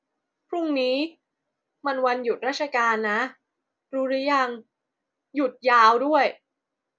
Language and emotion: Thai, neutral